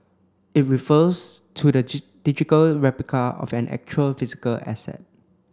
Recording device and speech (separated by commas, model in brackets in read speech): close-talking microphone (WH30), read sentence